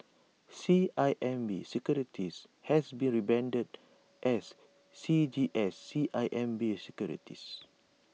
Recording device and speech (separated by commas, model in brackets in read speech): mobile phone (iPhone 6), read sentence